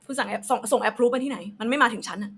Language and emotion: Thai, angry